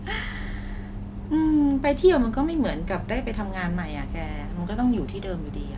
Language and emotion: Thai, frustrated